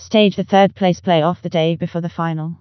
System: TTS, vocoder